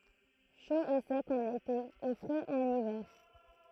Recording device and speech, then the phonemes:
throat microphone, read sentence
ʃo e sɛk ɑ̃n ete e fʁɛz ɑ̃n ivɛʁ

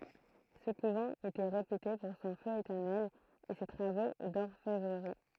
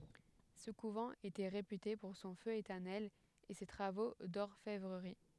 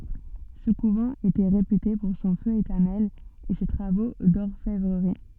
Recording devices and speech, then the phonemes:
throat microphone, headset microphone, soft in-ear microphone, read sentence
sə kuvɑ̃ etɛ ʁepyte puʁ sɔ̃ fø etɛʁnɛl e se tʁavo dɔʁfɛvʁəʁi

